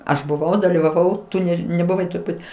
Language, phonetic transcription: Lithuanian, ˈaš buˈvau dalyvaˈvau ˈtu ˈnež nebuˈvai turˈbūt

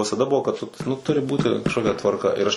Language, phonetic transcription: Lithuanian, visaˈda ˈbuvo kad tu nu ˈturi ˈbūti kažkoˈkia tvarˈka ir ˈaš

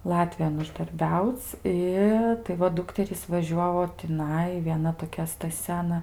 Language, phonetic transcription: Lithuanian, ˈlatvijon uždarˈbiauc' ˈi tai ˈva ˈdukterys vaˈžiuovo tiˈnai vieˈna toˈkia staˈsia aˈna

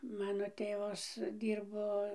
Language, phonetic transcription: Lithuanian, ˈmano ˈtėvas ˈdyrbo

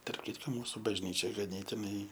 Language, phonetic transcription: Lithuanian, tarp ˈkitko ˈmūsu bažˈnyčia gaˈnėtinai

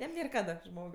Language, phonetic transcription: Lithuanian, ˈjam ˈnėr ˈkada ˈžmog

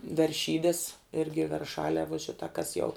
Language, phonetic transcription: Lithuanian, verˈšydes ˈirgi verˈšalē vuo ˈšita kas jau

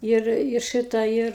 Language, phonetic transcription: Lithuanian, ˈir i ˈšɨtą ˈir

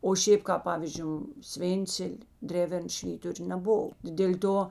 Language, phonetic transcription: Lithuanian, o ˈšėp kāp ˈpavyzdžiu ˈsvėncel' ˈdrevern ˈšvyturė neˈbov dėl' ˈto

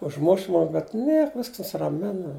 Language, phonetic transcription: Lithuanian, užˈmuš ˈmum bet ˈniek ˈvisks nusiraˈmina

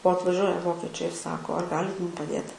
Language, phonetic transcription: Lithuanian, o atvaˈžiuoja ˈvokečiai ir ˈsako ar ˈgalit ˈmum paˈdėt

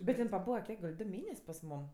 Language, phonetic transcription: Lithuanian, bet ˈin paˈbūva ˈkiek gal' ˈdu ˈmėnes' pas ˈmūm

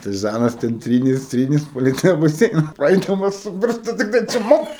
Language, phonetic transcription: Lithuanian, tai ˈžanas ten ˈtrynės ˈtrynės ˈpalei tą baˈseina ˈpraidamas su ˈpirštu ˈtiktai ˈčmuk

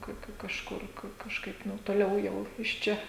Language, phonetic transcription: Lithuanian, ˈka ˈka kažˈkur ka kažˈkaip ˈnu toˈliau ˈjau iš ˈčia

